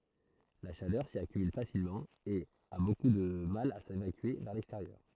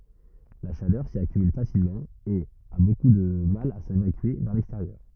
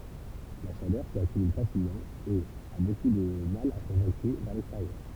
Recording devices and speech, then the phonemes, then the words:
throat microphone, rigid in-ear microphone, temple vibration pickup, read sentence
la ʃalœʁ si akymyl fasilmɑ̃ e a boku də mal a sevakye vɛʁ lɛksteʁjœʁ
La chaleur s'y accumule facilement et a beaucoup de mal à s'évacuer vers l'extérieur.

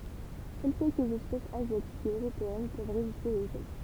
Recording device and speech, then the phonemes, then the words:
temple vibration pickup, read sentence
sœl kɛlkəz ɛspɛsz azjatikz e øʁopeɛn pøv ʁeziste o ʒɛl
Seules quelques espèces asiatiques et européennes peuvent résister au gel.

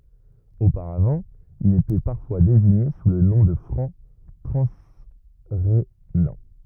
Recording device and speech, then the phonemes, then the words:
rigid in-ear microphone, read sentence
opaʁavɑ̃ ilz etɛ paʁfwa deziɲe su lə nɔ̃ də fʁɑ̃ tʁɑ̃sʁenɑ̃
Auparavant, ils étaient parfois désignés sous le nom de Francs transrhénans.

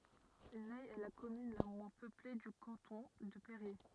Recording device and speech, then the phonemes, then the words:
rigid in-ear microphone, read sentence
nɛ ɛ la kɔmyn la mwɛ̃ pøple dy kɑ̃tɔ̃ də peʁje
Nay est la commune la moins peuplée du canton de Périers.

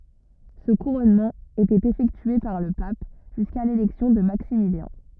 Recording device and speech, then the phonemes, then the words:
rigid in-ear microphone, read sentence
sə kuʁɔnmɑ̃ etɛt efɛktye paʁ lə pap ʒyska lelɛksjɔ̃ də maksimiljɛ̃
Ce couronnement était effectué par le pape, jusqu'à l'élection de Maximilien.

